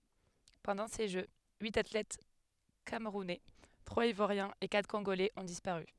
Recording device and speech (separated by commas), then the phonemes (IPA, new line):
headset microphone, read sentence
pɑ̃dɑ̃ se ʒø yit atlɛt kamʁunɛ tʁwaz ivwaʁjɛ̃z e katʁ kɔ̃ɡolɛz ɔ̃ dispaʁy